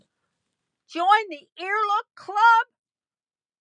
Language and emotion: English, surprised